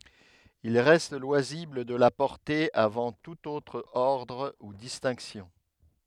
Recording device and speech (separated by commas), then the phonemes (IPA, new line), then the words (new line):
headset microphone, read sentence
il ʁɛst lwazibl də la pɔʁte avɑ̃ tut otʁ ɔʁdʁ u distɛ̃ksjɔ̃
Il reste loisible de la porter avant tout autre ordre ou distinctions.